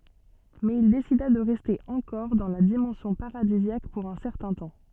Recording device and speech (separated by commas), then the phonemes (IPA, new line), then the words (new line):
soft in-ear microphone, read sentence
mɛz il desida də ʁɛste ɑ̃kɔʁ dɑ̃ la dimɑ̃sjɔ̃ paʁadizjak puʁ œ̃ sɛʁtɛ̃ tɑ̃
Mais il décida de rester encore dans la dimension paradisiaque pour un certain temps.